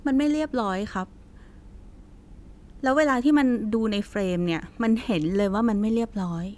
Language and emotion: Thai, frustrated